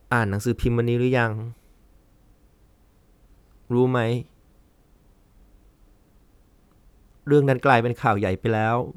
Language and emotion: Thai, sad